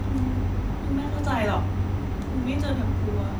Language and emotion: Thai, sad